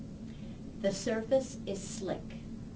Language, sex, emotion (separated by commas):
English, female, neutral